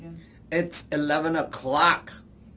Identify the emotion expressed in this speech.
disgusted